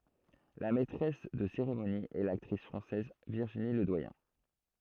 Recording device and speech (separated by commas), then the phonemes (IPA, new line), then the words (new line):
throat microphone, read sentence
la mɛtʁɛs də seʁemoni ɛ laktʁis fʁɑ̃sɛz viʁʒini lədwajɛ̃
La maîtresse de cérémonie est l'actrice française Virginie Ledoyen.